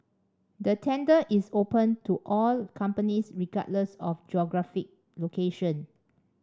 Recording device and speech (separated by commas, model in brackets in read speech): standing microphone (AKG C214), read sentence